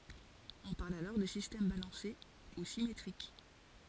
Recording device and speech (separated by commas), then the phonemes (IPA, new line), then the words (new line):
forehead accelerometer, read sentence
ɔ̃ paʁl alɔʁ də sistɛm balɑ̃se u simetʁik
On parle alors de système balancé ou symétrique.